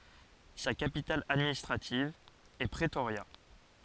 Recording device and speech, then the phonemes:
forehead accelerometer, read sentence
sa kapital administʁativ ɛ pʁətoʁja

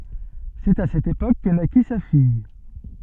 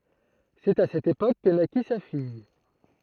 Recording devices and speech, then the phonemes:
soft in-ear microphone, throat microphone, read sentence
sɛt a sɛt epok kə naki sa fij

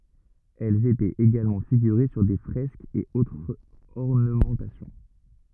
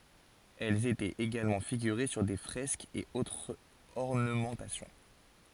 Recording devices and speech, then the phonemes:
rigid in-ear microphone, forehead accelerometer, read sentence
ɛlz etɛt eɡalmɑ̃ fiɡyʁe syʁ de fʁɛskz e otʁz ɔʁnəmɑ̃tasjɔ̃

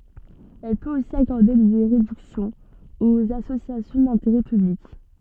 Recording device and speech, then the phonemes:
soft in-ear microphone, read sentence
ɛl pøt osi akɔʁde de ʁedyksjɔ̃z oz asosjasjɔ̃ dɛ̃teʁɛ pyblik

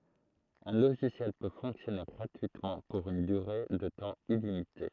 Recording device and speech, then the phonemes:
throat microphone, read sentence
œ̃ loʒisjɛl pø fɔ̃ksjɔne ɡʁatyitmɑ̃ puʁ yn dyʁe də tɑ̃ ilimite

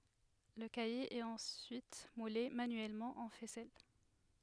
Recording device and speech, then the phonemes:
headset microphone, read sentence
lə kaje ɛt ɑ̃syit mule manyɛlmɑ̃ ɑ̃ fɛsɛl

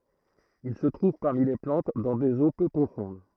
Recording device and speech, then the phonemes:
throat microphone, read sentence
il sə tʁuv paʁmi le plɑ̃t dɑ̃ dez o pø pʁofɔ̃d

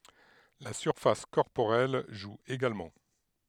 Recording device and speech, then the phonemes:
headset microphone, read sentence
la syʁfas kɔʁpoʁɛl ʒu eɡalmɑ̃

